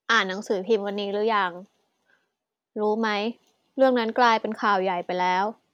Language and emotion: Thai, neutral